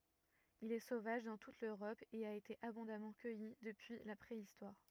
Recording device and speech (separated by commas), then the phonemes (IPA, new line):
rigid in-ear microphone, read sentence
il ɛ sovaʒ dɑ̃ tut løʁɔp e a ete abɔ̃damɑ̃ kœji dəpyi la pʁeistwaʁ